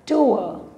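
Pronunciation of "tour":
'Tour' is pronounced correctly here, in British English, with no r sound at the end.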